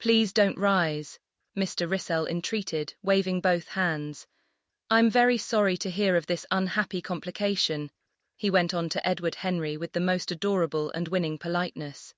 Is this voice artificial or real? artificial